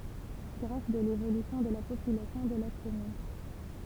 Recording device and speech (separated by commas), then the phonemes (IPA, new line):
temple vibration pickup, read sentence
ɡʁaf də levolysjɔ̃ də la popylasjɔ̃ də la kɔmyn